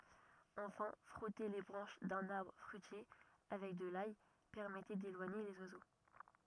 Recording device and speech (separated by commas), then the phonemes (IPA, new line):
rigid in-ear microphone, read sentence
ɑ̃fɛ̃ fʁɔte le bʁɑ̃ʃ dœ̃n aʁbʁ fʁyitje avɛk də laj pɛʁmɛtɛ delwaɲe lez wazo